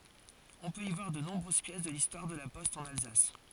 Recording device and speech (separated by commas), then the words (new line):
forehead accelerometer, read sentence
On peut y voir de nombreuses pièces de l'histoire de la poste en Alsace.